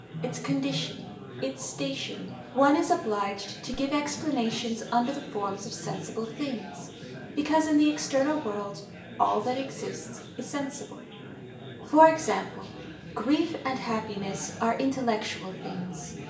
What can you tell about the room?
A spacious room.